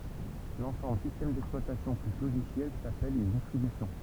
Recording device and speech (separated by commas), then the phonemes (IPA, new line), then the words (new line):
temple vibration pickup, read sentence
lɑ̃sɑ̃bl sistɛm dɛksplwatasjɔ̃ ply loʒisjɛl sapɛl yn distʁibysjɔ̃
L'ensemble système d'exploitation plus logiciels s'appelle une distribution.